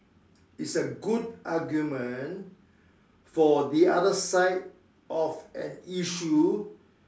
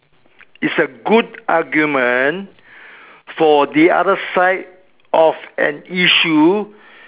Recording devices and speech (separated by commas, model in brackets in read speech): standing microphone, telephone, conversation in separate rooms